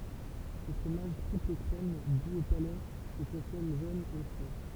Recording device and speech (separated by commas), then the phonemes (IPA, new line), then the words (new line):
temple vibration pickup, read sentence
sə fʁomaʒ tʁipləkʁɛm duz o palɛ sə kɔ̃sɔm ʒøn e fʁɛ
Ce fromage triple-crème, doux au palais, se consomme jeune et frais.